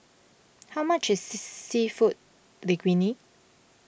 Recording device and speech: boundary microphone (BM630), read sentence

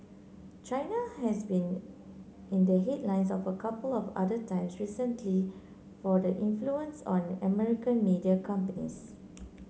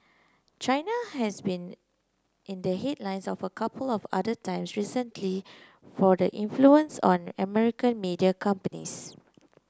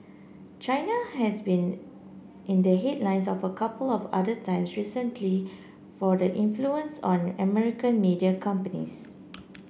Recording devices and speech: mobile phone (Samsung C9), close-talking microphone (WH30), boundary microphone (BM630), read sentence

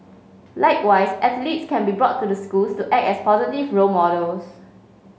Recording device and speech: mobile phone (Samsung C5), read sentence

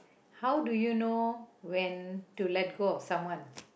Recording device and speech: boundary microphone, conversation in the same room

